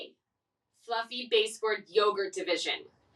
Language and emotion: English, angry